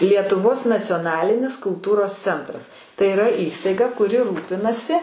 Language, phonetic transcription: Lithuanian, lietuˈvos nacioˈnalinis kulˈtūros ˈcentras tai iˈra ˈįstaiga kuˈri ˈrūpinasi

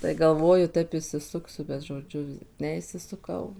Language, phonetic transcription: Lithuanian, tai galˈvoju ˈtaip išsiˈsuksiu bet žoˈdžiu ˌneišsisuˈkau

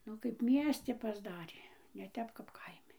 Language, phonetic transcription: Lithuanian, ˈnu kaip ˈmiesti pasˈdarė ne ˈtep kap ˈkaimi

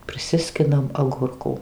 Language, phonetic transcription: Lithuanian, priˈsiskinam aˈgurkų

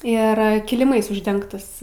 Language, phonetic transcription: Lithuanian, ˈir kiliˈmais užˈdengtas

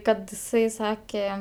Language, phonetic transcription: Lithuanian, ˈkad iˈsai ˈsake

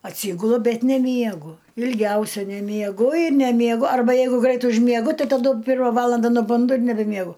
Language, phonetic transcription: Lithuanian, atˈsygulu ˈbet neˈmiegu ilˈgiausia nemieˈgu ir nemieˈgu arˈba ˈjeigu ˈgrait užmieˈgu ˈtai taˈdu ˈpirma ˈvalanda nuˈbundu ir nebemieˈgu

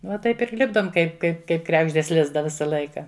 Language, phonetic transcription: Lithuanian, va ˈtaip ir ˈlipdom ˈkaip ˈkaip kaip ˈkregždės ˈlizdą ˈvisa ˈlaika

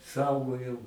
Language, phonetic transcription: Lithuanian, ˈsaugojau

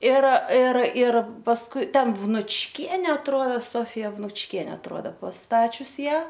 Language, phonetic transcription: Lithuanian, ir ir ir pasˈkui ˈten vnučˈkiene atˈruoda ˈsofija vnučˈkiene atˈruoda pasˈtačius ˈją

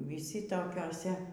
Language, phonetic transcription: Lithuanian, viˈsi tokioˈse

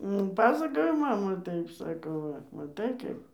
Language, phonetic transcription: Lithuanian, nu ˈpasakojo ˈmama ˈtaip ˈsako ˈva maˈtai ˈkaip

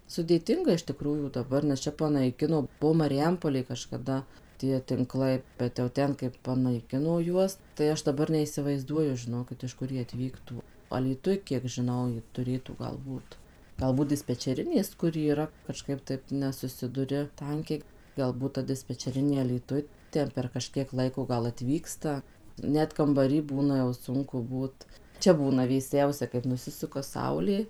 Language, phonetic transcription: Lithuanian, sudėˈtinga iš tiˈkrųjų daˈbar nes ˈčia panaiˈkino ˈbuo mariˈjampolėj kažkaˈda tie ˈtinklai bet jau ˈten kaip panaiˈkino ˈjuos tai ˈaš daˈbar neisivaizˈduoju žiˈnokit iš ˈkur ˈjie atˈvyktų alyˈtuj kiek žiˈnau ju tuˈrėtų ˈgal ˈbūt galˈbūt dispečeˈrinės ˈkur yˈra kaˈžkaip ˈtaip nesuˈsiduri ˈtankiai galˈbūt ta dispečeˈrinė alyˈtuj ˈten per kaˈžkiek ˈlaiko ˈgal atˈvyksta ˈnet kambaˈry ˈbūna jau ˈsunku ˈbūt ˈčia ˈbūna vėˈsiausia kaip nuˈsisuka ˈsaulė

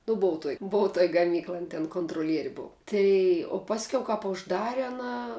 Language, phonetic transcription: Lithuanian, nu ˈbuvu tuoj ˈbuvu tuoj gaˈmyklaj ˈan ten kontroˈlieri ˈbuvu ˈtai o ˈpasˈkiau kap užˈdare aˈna

